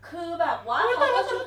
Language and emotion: Thai, happy